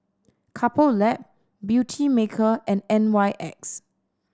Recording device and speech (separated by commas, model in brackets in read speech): standing microphone (AKG C214), read sentence